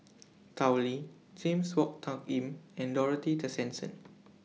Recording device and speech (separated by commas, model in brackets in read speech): mobile phone (iPhone 6), read sentence